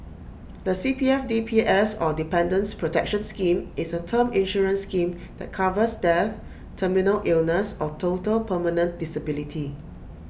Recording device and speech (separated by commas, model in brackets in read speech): boundary microphone (BM630), read sentence